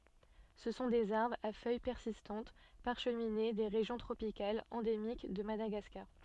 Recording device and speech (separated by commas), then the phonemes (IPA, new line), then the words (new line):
soft in-ear microphone, read sentence
sə sɔ̃ dez aʁbʁz a fœj pɛʁsistɑ̃t paʁʃmine de ʁeʒjɔ̃ tʁopikalz ɑ̃demik də madaɡaskaʁ
Ce sont des arbres, à feuilles persistantes, parcheminées, des régions tropicales, endémiques de Madagascar.